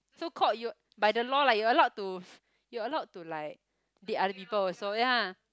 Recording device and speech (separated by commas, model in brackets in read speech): close-talking microphone, conversation in the same room